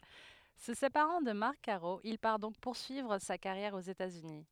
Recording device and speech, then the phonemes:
headset microphone, read sentence
sə sepaʁɑ̃ də maʁk kaʁo il paʁ dɔ̃k puʁsyivʁ sa kaʁjɛʁ oz etatsyni

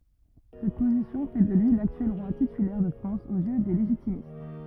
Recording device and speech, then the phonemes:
rigid in-ear microphone, read sentence
sɛt pozisjɔ̃ fɛ də lyi laktyɛl ʁwa titylɛʁ də fʁɑ̃s oz jø de leʒitimist

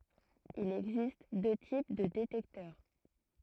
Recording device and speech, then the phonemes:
throat microphone, read sentence
il ɛɡzist dø tip də detɛktœʁ

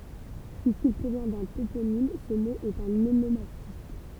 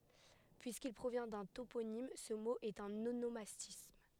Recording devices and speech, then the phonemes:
temple vibration pickup, headset microphone, read sentence
pyiskil pʁovjɛ̃ dœ̃ toponim sə mo ɛt œ̃n onomastism

